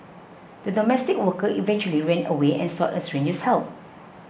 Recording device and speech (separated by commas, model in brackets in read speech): boundary microphone (BM630), read sentence